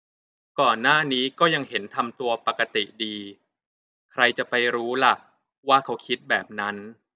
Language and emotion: Thai, neutral